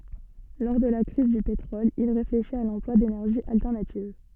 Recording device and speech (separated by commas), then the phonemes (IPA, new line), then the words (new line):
soft in-ear microphone, read sentence
lɔʁ də la kʁiz dy petʁɔl il ʁefleʃit a lɑ̃plwa denɛʁʒiz altɛʁnativ
Lors de la crise du pétrole, il réfléchit à l'emploi d'énergies alternatives.